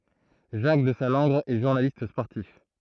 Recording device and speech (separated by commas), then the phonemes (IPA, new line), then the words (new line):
throat microphone, read sentence
ʒak dəzalɑ̃ɡʁ ɛ ʒuʁnalist spɔʁtif
Jacques Desallangre est journaliste sportif.